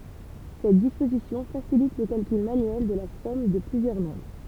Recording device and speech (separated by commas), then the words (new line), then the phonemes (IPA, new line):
temple vibration pickup, read sentence
Cette disposition facilite le calcul manuel de la somme de plusieurs nombres.
sɛt dispozisjɔ̃ fasilit lə kalkyl manyɛl də la sɔm də plyzjœʁ nɔ̃bʁ